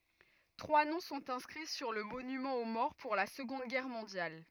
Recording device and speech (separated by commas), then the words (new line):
rigid in-ear microphone, read sentence
Trois noms sont inscrits sur le monument aux morts pour la Seconde Guerre mondiale.